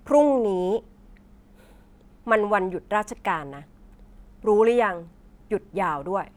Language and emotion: Thai, frustrated